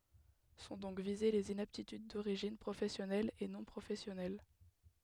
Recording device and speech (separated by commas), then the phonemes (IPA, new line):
headset microphone, read sentence
sɔ̃ dɔ̃k vize lez inaptityd doʁiʒin pʁofɛsjɔnɛl e nɔ̃ pʁofɛsjɔnɛl